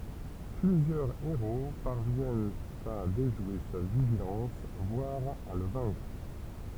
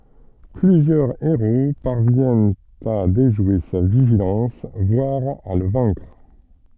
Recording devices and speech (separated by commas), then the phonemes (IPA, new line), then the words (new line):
temple vibration pickup, soft in-ear microphone, read sentence
plyzjœʁ eʁo paʁvjɛnt a deʒwe sa viʒilɑ̃s vwaʁ a lə vɛ̃kʁ
Plusieurs héros parviennent à déjouer sa vigilance, voire à le vaincre.